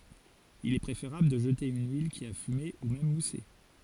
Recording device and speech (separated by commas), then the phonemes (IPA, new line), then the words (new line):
forehead accelerometer, read sentence
il ɛ pʁefeʁabl də ʒəte yn yil ki a fyme u mɛm muse
Il est préférable de jeter une huile qui a fumé, ou même moussé.